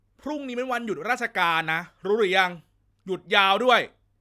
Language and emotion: Thai, angry